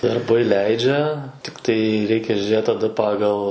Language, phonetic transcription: Lithuanian, darˈbai ˈleidžia tikˈtai ˈreikia žiūˈrėti taˈda ˈpagal

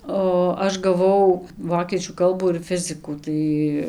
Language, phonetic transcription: Lithuanian, o ˈaš gaˈvau ˈvokiečių ˈkalbų ir ˈfizikų ˈtai

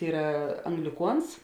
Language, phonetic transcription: Lithuanian, ˈyra angliˈkuons

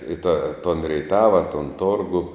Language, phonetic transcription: Lithuanian, i ta ton reiˈtava ton ˈtorgu

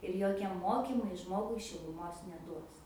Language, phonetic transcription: Lithuanian, ir ˈjokie ˈmokymai ˈžmogui šiluˈmos neˈduos

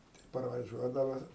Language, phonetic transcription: Lithuanian, tai parvaˈžiuodava

